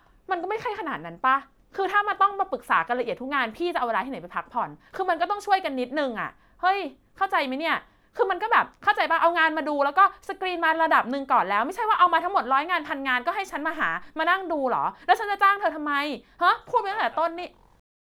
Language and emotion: Thai, angry